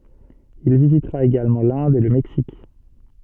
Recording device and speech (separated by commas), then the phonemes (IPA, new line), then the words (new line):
soft in-ear microphone, read sentence
il vizitʁa eɡalmɑ̃ lɛ̃d e lə mɛksik
Il visitera également l'Inde et le Mexique.